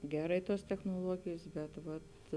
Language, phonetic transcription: Lithuanian, ˈgerai ˈtuos technuoˈluogėjs ˈbet ˈvat

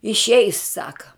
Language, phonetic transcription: Lithuanian, išˈeis ˈsaka

